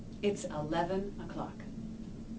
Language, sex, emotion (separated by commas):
English, female, neutral